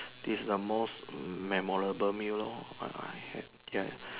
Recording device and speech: telephone, conversation in separate rooms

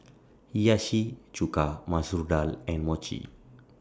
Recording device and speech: standing microphone (AKG C214), read sentence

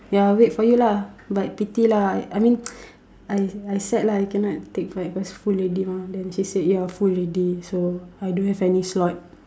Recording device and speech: standing microphone, conversation in separate rooms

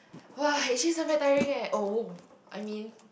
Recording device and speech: boundary microphone, conversation in the same room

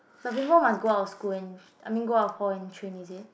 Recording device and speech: boundary microphone, conversation in the same room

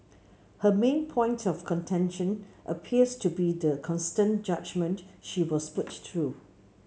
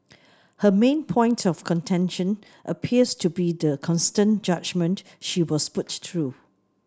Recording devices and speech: mobile phone (Samsung C7), standing microphone (AKG C214), read sentence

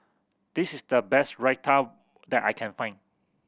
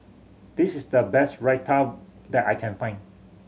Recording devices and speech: boundary microphone (BM630), mobile phone (Samsung C7100), read sentence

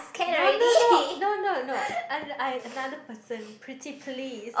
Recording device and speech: boundary microphone, conversation in the same room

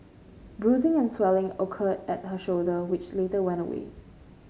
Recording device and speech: mobile phone (Samsung C5), read sentence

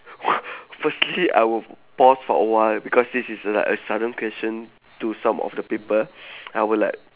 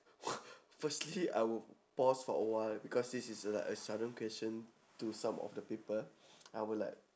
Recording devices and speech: telephone, standing microphone, conversation in separate rooms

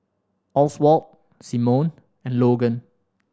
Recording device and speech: standing microphone (AKG C214), read sentence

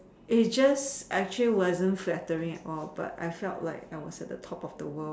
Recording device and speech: standing microphone, conversation in separate rooms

